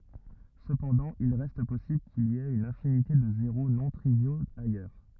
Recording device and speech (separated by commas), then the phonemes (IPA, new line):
rigid in-ear microphone, read sentence
səpɑ̃dɑ̃ il ʁɛst pɔsibl kil i ɛt yn ɛ̃finite də zeʁo nɔ̃ tʁivjoz ajœʁ